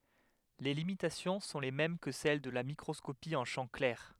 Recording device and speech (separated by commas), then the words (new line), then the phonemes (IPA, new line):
headset microphone, read sentence
Les limitations sont les mêmes que celles de la microscopie en champ clair.
le limitasjɔ̃ sɔ̃ le mɛm kə sɛl də la mikʁɔskopi ɑ̃ ʃɑ̃ klɛʁ